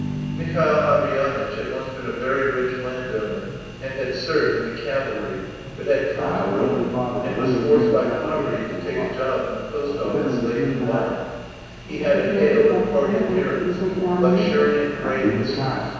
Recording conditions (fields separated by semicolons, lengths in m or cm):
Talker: one person; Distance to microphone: 7.1 m; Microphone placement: far; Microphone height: 1.7 m; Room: very reverberant, large; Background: television